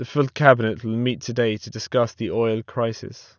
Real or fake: real